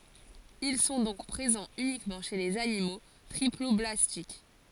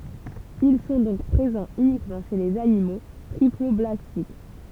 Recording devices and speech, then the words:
forehead accelerometer, temple vibration pickup, read sentence
Ils sont donc présents uniquement chez les animaux triploblastiques.

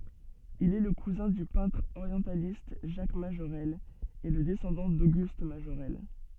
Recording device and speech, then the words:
soft in-ear microphone, read sentence
Il est le cousin du peintre orientialiste Jacques Majorelle et le descendant d'Auguste Majorelle.

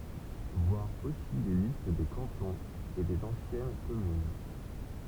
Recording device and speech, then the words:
temple vibration pickup, read sentence
Voir aussi les listes des cantons et des anciennes communes.

